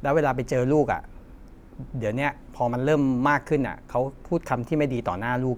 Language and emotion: Thai, frustrated